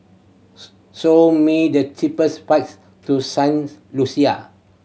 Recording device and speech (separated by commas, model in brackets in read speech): mobile phone (Samsung C7100), read sentence